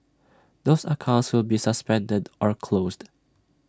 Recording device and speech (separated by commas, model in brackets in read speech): standing microphone (AKG C214), read sentence